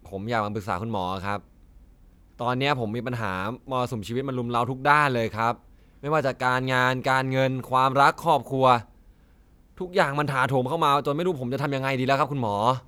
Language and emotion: Thai, frustrated